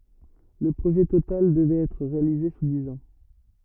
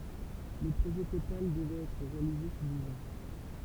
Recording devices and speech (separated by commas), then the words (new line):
rigid in-ear microphone, temple vibration pickup, read sentence
Le projet total devrait être réalisé sous dix ans.